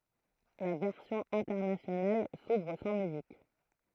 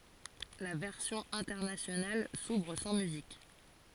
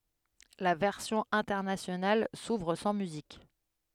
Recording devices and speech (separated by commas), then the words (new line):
throat microphone, forehead accelerometer, headset microphone, read sentence
La version internationale s'ouvre sans musique.